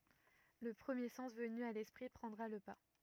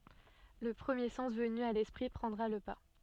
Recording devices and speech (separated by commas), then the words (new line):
rigid in-ear microphone, soft in-ear microphone, read sentence
Le premier sens venu à l'esprit prendra le pas.